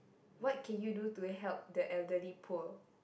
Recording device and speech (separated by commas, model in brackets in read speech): boundary microphone, conversation in the same room